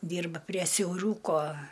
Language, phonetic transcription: Lithuanian, ˈdyrba prie siauˈrūko

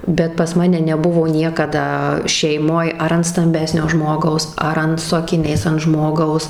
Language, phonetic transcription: Lithuanian, bet pas ˈmane neˈbuvo ˈniekada šeiˈmoj ar ant stamˈbesnio ˈžmogaus ˈar an su akiˈniais ant ˈžmogaus

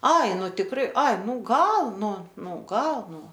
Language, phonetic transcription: Lithuanian, ˈai ˈnu tikˈrai ˈai ˈnū ˈgal ˈnu ˈnū ˈgal ˈnū

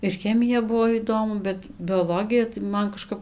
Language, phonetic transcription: Lithuanian, ir ˈchemija ˈbuo ˈįdomu bet bioˈlogija tai ˈman kaˈžkap

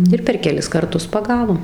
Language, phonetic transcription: Lithuanian, ˈir per keˈlis karˈtus paˈgavom

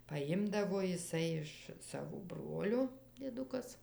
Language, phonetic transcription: Lithuanian, paˈjimdavo jiˈsai iš ˈsavo ˈbrolio dieˈdukas

